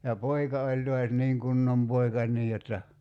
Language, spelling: Finnish, ja poika oli taas niin kunnon poika niin jotta
- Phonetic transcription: ja 'poika oĺ toas 'niiŋ "kunnom 'poika , 'nii jotta ,.

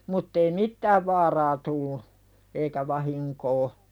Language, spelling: Finnish, mutta ei mitään vaaraa tullut eikä vahinkoa
- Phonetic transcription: 'mutt ‿ei "mittääv vaaraa tullu , eikä 'vahiŋkoo .

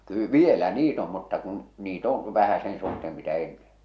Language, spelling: Finnish, - vielä niitä on mutta kun niitä on vähän sen suhteen mitä ennen
- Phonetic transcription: kyy- "vielä "niit ‿om mutta kun̬ , 'niit ‿oo̰ , 'vähä sen suhteem mitä 'ennen̬ .

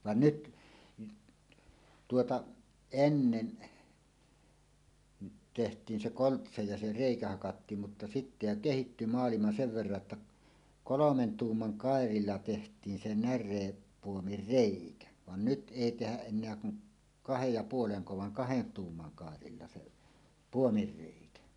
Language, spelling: Finnish, vaan nyt tuota ennen tehtiin se koltsa ja se reikä hakattiin mutta sitten jo kehittyi maailma sen verran jotta kolmen tuuman kairalla tehtiin se närepuomin reikä vaan nyt ei tehdä enää kuin kahden ja puolen vaan kahden tuuman kairalla se puomin reikä
- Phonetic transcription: van "nyt , tuota , "ennen , 'teht̀iin 'se "koltsa ja 'se "rèikä hakattiim mutta 'sittä jo "kehitty 'maalima sev verra ‿tta , "kolomen "tuumman "kàerilla teht̀iin se 'när̀eeppuomir "rèikä , van "nyt '’èi tehäˀ ˀen̆neä kuŋ , "kahej ja 'puoleŋko vaŋ "kahen "tuumman 'kàerilla se , "puomir 'rèikä .

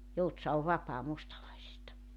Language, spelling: Finnish, Joutsa on vapaa mustalaisista
- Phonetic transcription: 'Joutsa ov 'vapaa 'mustalaisista .

